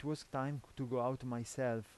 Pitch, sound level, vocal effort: 130 Hz, 84 dB SPL, normal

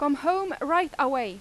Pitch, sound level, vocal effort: 290 Hz, 94 dB SPL, very loud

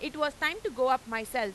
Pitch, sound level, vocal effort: 260 Hz, 99 dB SPL, loud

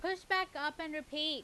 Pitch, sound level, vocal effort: 310 Hz, 94 dB SPL, very loud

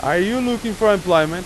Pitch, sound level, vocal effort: 205 Hz, 97 dB SPL, very loud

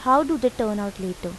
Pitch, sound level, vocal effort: 215 Hz, 85 dB SPL, normal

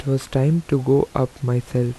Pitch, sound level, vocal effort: 135 Hz, 85 dB SPL, normal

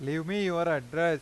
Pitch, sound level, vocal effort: 165 Hz, 96 dB SPL, loud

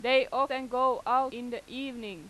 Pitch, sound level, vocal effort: 255 Hz, 96 dB SPL, very loud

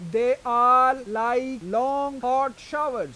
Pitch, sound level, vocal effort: 255 Hz, 99 dB SPL, very loud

